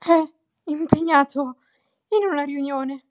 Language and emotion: Italian, fearful